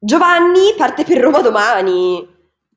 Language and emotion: Italian, angry